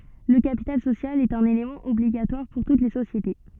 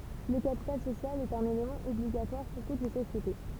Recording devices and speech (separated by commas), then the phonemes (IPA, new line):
soft in-ear microphone, temple vibration pickup, read sentence
lə kapital sosjal ɛt œ̃n elemɑ̃ ɔbliɡatwaʁ puʁ tut le sosjete